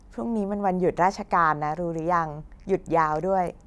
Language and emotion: Thai, neutral